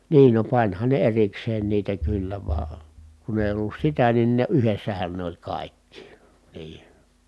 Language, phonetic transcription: Finnish, niin no pańhan ne erikseen niitä kyllä vaa , kun ‿èi ollus sitä nin ne yhessähän ne ‿oĺ kàikki , nii .
- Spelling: niin no panihan ne erikseen niitä kyllä vaan kun ei ollut sitä niin ne yhdessähän ne oli kaikki niin

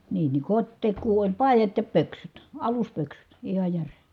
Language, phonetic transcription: Finnish, nii ni , kot́tek̆kuu oĺ pài̮jat ja pöksyt , aluspöksyt , iha järe .
- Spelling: niin niin kotitekoa oli paidat ja pöksyt aluspöksyt ihan jären

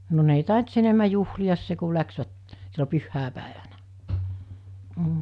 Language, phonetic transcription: Finnish, no ne ‿ei 'tàint s ‿enemä juhli₍as se ku 'läksvät , sillo 'pyhhä̀epä̀evänä , m̥ .
- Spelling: no ne ei tainnut sen enemmän juhlia se kun lähtivät silloin pyhäpäivänä mm

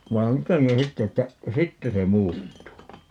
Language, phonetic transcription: Finnish, ('vai̮j "joteŋkin 'sitte että) , "sitte se 'muuttuu .
- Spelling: vaan jotenkin sitten että sitten se muuttuu

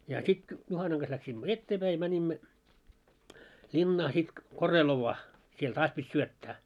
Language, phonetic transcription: Finnish, ja 'sit , 'Juhanaŋ ɢas läksimmö "etteepäi ja mäńimmö , 'ĺinnaa sit , 'Korelovvaa , siel "taas pit́ 'syöttää .
- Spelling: ja sitten Juhanan kanssa lähdimme eteenpäin ja menimme linnaan sitten Korelovaan siellä taas piti syöttää

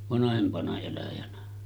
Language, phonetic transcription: Finnish, vanahempana eläjänä . «
- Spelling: vanhempana eläjänä

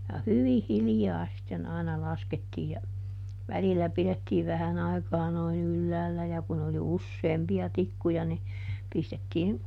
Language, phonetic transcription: Finnish, ja "hyvih̆ ˈhiljaa sitten aina ˈlaskettii ja , ˈvälilä ˈpilettiiv ˈvähän ‿aikaa noin ˈylläällä ja kun ‿oli "usseempi₍a ˈtikkuja ni , ˈpistettiin ,.
- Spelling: ja hyvin hiljaa sitten aina laskettiin ja välillä pidettiin vähän aikaa noin ylhäällä ja kun oli useampia tikkuja niin pistettiin

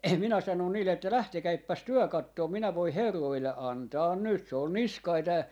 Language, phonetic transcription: Finnish, minä 'sanòn niille että » "lähtekäippäs 'työ 'kattoom minä voih̆ "herroille 'antaan 'nyt » .
- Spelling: minä sanoin niille että lähtekääpäs te katsomaan minä voin herroille antaa nyt

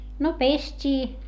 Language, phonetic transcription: Finnish, no pest́ii .
- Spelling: no pestiin

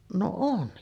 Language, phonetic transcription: Finnish, no 'on .
- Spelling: no on

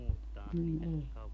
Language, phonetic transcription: Finnish, m̥ ei .
- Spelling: mm ei

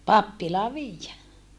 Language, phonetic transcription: Finnish, pappilaa viijjä .
- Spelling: pappilaan viedä

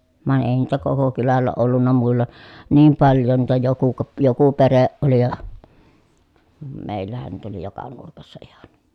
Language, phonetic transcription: Finnish, vài̮n èi niitä koko kylällä ollunna muilla , niim paljon niitä joku ko- , joku pereʼ ʼoli ja , mèi̮llähän niitä oli joka nurkassa ihan .
- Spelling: vaan ei niitä koko kylällä ollut muilla niin paljon niitä joku - joku perhe oli ja meillähän niitä oli joka nurkassa ihan

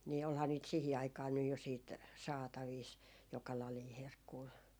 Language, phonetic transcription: Finnish, nii 'olhaa niit 'sìhi aikaa nyj jo siit , 'saataviis , 'joka lalii "herkkuu .
- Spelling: niin olihan niitä siihen aikaan nyt jo sitten saatavissa joka lajia herkkua

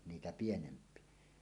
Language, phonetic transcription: Finnish, 'niitä pienemp̀ie .
- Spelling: niitä pienempiä

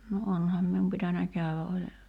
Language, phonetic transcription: Finnish, no 'onham mium pitänä 'käywä ’oĺ ,.
- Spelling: no onhan minun pitänyt käydä oli

